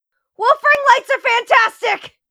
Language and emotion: English, fearful